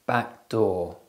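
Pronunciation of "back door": In 'back door', the k and d sounds overlap: the k isn't released and blends into the d of 'door'.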